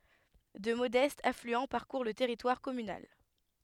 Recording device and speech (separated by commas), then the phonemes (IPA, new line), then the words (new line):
headset microphone, read sentence
dø modɛstz aflyɑ̃ paʁkuʁ lə tɛʁitwaʁ kɔmynal
Deux modestes affluents parcourent le territoire communal.